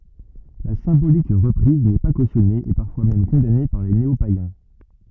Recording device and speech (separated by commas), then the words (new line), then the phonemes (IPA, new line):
rigid in-ear microphone, read sentence
La symbolique reprise n'est pas cautionnée et parfois même condamnée par des néopaïens.
la sɛ̃bolik ʁəpʁiz nɛ pa kosjɔne e paʁfwa mɛm kɔ̃dane paʁ de neopajɛ̃